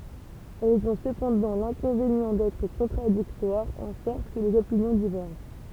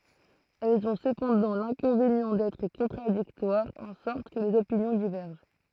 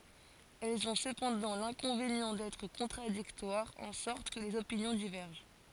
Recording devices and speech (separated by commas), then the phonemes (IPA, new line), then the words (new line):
temple vibration pickup, throat microphone, forehead accelerometer, read sentence
ɛlz ɔ̃ səpɑ̃dɑ̃ lɛ̃kɔ̃venjɑ̃ dɛtʁ kɔ̃tʁadiktwaʁz ɑ̃ sɔʁt kə lez opinjɔ̃ divɛʁʒɑ̃
Elles ont cependant l'inconvénient d'être contradictoires, en sorte que les opinions divergent.